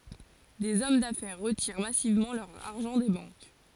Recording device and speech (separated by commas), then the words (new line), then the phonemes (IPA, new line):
forehead accelerometer, read sentence
Des hommes d'affaires retirent massivement leur argent des banques.
dez ɔm dafɛʁ ʁətiʁ masivmɑ̃ lœʁ aʁʒɑ̃ de bɑ̃k